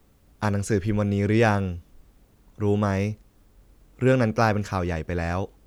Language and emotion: Thai, neutral